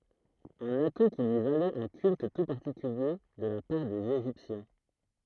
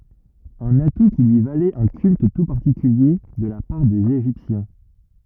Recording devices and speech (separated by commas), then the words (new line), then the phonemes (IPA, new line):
throat microphone, rigid in-ear microphone, read sentence
Un atout qui lui valait un culte tout particulier de la part des Égyptiens.
œ̃n atu ki lyi valɛt œ̃ kylt tu paʁtikylje də la paʁ dez eʒiptjɛ̃